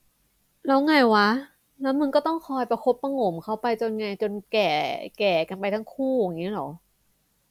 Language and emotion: Thai, frustrated